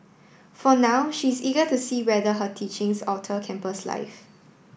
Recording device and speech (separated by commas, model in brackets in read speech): boundary microphone (BM630), read sentence